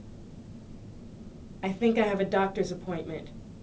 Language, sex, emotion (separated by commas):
English, female, neutral